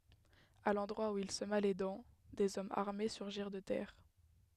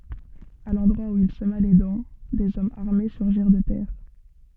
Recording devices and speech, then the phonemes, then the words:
headset microphone, soft in-ear microphone, read sentence
a lɑ̃dʁwa u il səma le dɑ̃ dez ɔmz aʁme syʁʒiʁ də tɛʁ
À l’endroit où il sema les dents, des hommes armés surgirent de terre.

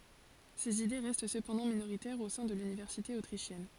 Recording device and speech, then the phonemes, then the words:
forehead accelerometer, read sentence
sez ide ʁɛst səpɑ̃dɑ̃ minoʁitɛʁz o sɛ̃ də lynivɛʁsite otʁiʃjɛn
Ses idées restent cependant minoritaires au sein de l'université autrichienne.

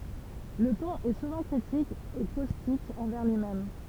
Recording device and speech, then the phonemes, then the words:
temple vibration pickup, read sentence
lə tɔ̃n ɛ suvɑ̃ kʁitik e kostik ɑ̃vɛʁ lyimɛm
Le ton est souvent critique et caustique envers lui-même.

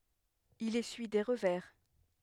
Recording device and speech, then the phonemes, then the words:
headset microphone, read sentence
il esyi de ʁəvɛʁ
Il essuie des revers.

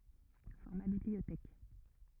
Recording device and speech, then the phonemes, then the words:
rigid in-ear microphone, read sentence
fɔʁma bibliotɛk
Format bibliothèque.

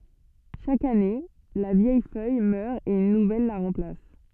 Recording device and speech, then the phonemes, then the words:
soft in-ear microphone, read sentence
ʃak ane la vjɛj fœj mœʁ e yn nuvɛl la ʁɑ̃plas
Chaque année, la vieille feuille meurt et une nouvelle la remplace.

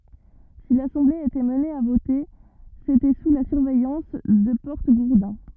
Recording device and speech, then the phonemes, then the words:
rigid in-ear microphone, read sentence
si lasɑ̃ble etɛt amne a vote setɛ su la syʁvɛjɑ̃s də pɔʁtəɡuʁdɛ̃
Si l'assemblée était amenée à voter, c'était sous la surveillance de porte-gourdins.

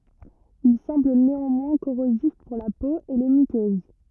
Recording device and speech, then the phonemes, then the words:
rigid in-ear microphone, read sentence
il sɑ̃bl neɑ̃mwɛ̃ koʁozif puʁ la po e le mykøz
Il semble néanmoins corrosif pour la peau et les muqueuses.

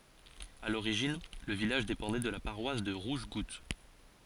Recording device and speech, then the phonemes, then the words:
forehead accelerometer, read sentence
a loʁiʒin lə vilaʒ depɑ̃dɛ də la paʁwas də ʁuʒɡut
À l'origine, le village dépendait de la paroisse de Rougegoutte.

